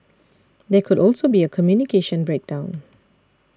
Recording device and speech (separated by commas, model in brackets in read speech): standing microphone (AKG C214), read sentence